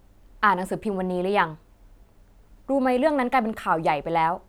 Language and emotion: Thai, frustrated